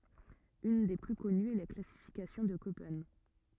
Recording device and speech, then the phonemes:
rigid in-ear microphone, read sentence
yn de ply kɔnyz ɛ la klasifikasjɔ̃ də kopɛn

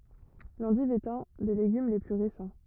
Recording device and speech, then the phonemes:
rigid in-ear microphone, read sentence
lɑ̃div ɛt œ̃ de leɡym le ply ʁesɑ̃

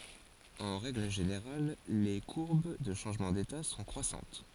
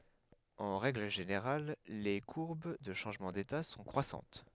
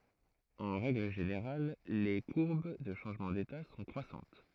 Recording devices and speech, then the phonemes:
forehead accelerometer, headset microphone, throat microphone, read sentence
ɑ̃ ʁɛɡl ʒeneʁal le kuʁb də ʃɑ̃ʒmɑ̃ deta sɔ̃ kʁwasɑ̃t

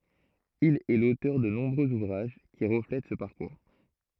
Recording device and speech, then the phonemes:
throat microphone, read sentence
il ɛ lotœʁ də nɔ̃bʁøz uvʁaʒ ki ʁəflɛt sə paʁkuʁ

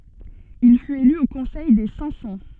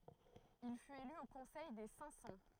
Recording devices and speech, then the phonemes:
soft in-ear microphone, throat microphone, read sentence
il fyt ely o kɔ̃sɛj de sɛ̃k sɑ̃

